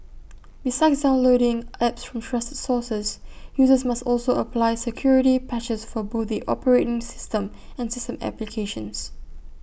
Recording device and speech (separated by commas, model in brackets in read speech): boundary microphone (BM630), read sentence